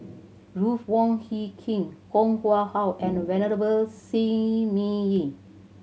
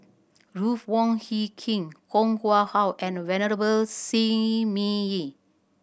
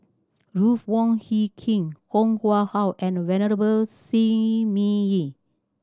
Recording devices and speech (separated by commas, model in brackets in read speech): mobile phone (Samsung C7100), boundary microphone (BM630), standing microphone (AKG C214), read sentence